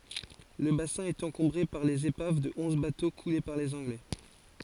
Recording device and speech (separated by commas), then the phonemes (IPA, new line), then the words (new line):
forehead accelerometer, read sentence
lə basɛ̃ ɛt ɑ̃kɔ̃bʁe paʁ lez epav də ɔ̃z bato kule paʁ lez ɑ̃ɡlɛ
Le bassin est encombré par les épaves de onze bateaux coulés par les Anglais.